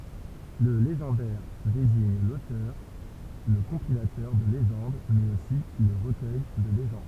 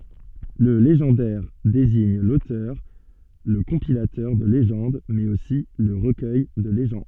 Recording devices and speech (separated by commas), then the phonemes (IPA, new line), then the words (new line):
temple vibration pickup, soft in-ear microphone, read sentence
lə leʒɑ̃dɛʁ deziɲ lotœʁ lə kɔ̃pilatœʁ də leʒɑ̃d mɛz osi lə ʁəkœj də leʒɑ̃d
Le légendaire désigne l'auteur, le compilateur de légendes mais aussi le recueil de légendes.